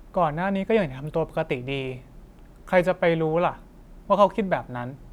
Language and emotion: Thai, neutral